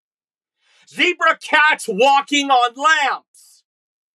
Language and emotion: English, disgusted